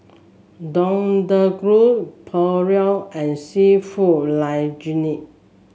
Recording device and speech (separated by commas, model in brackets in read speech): mobile phone (Samsung S8), read sentence